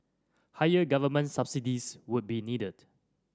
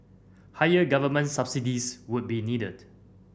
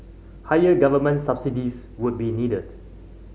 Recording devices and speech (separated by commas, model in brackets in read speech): standing microphone (AKG C214), boundary microphone (BM630), mobile phone (Samsung C5010), read sentence